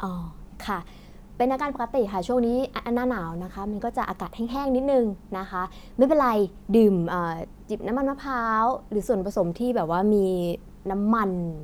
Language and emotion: Thai, neutral